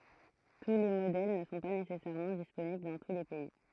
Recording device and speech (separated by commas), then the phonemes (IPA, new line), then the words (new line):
throat microphone, read sentence
tu le modɛl nə sɔ̃ pa nesɛsɛʁmɑ̃ disponibl dɑ̃ tu le pɛi
Tous les modèles ne sont pas nécessairement disponibles dans tous les pays.